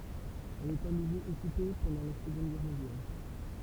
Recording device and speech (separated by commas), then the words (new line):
temple vibration pickup, read sentence
Elle est à nouveau occupée pendant la Seconde Guerre mondiale.